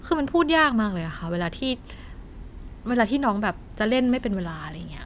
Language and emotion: Thai, frustrated